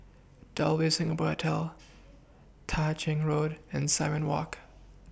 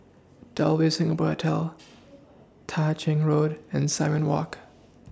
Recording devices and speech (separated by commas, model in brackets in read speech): boundary microphone (BM630), standing microphone (AKG C214), read sentence